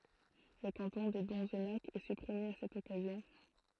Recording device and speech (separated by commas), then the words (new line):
throat microphone, read sentence
Le canton de Donzenac est supprimé à cette occasion.